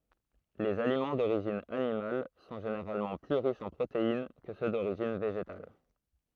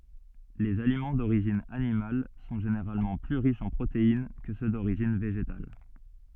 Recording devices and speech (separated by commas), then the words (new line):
throat microphone, soft in-ear microphone, read sentence
Les aliments d'origine animale sont généralement plus riches en protéines que ceux d'origine végétale.